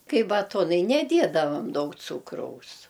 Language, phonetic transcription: Lithuanian, ˈkai baˈtonai neˈdiedavam ˈdaug ˈcūkraus

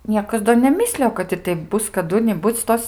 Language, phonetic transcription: Lithuanian, ˈniekas do neˈmislijo kad ir ˈteip ˈbus kaˈdu niˈbuc ˈtos

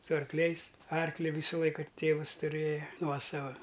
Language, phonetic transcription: Lithuanian, su arkˈliais ˈarkli ˈvysa ˈlaika ˈtėvas tuˈrėja ˈnuosava

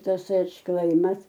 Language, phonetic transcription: Lithuanian, ˈtas atšˈklaimas

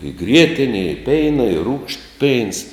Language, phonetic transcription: Lithuanian, i ˈgrietine i ˈpeina i rūgšt peins

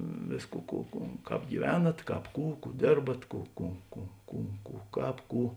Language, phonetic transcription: Lithuanian, ˈvėsˌkų ˈkų ˈkų ˈkāp gyˈvenat ˈkāp ˈkų ˈkų ˈdėrbat ˈkų ˈkų ˈkų ˈkų ˈkų ˈkāp ˈkų

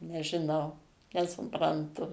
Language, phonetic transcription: Lithuanian, nežiˈnau nesupranˈtu

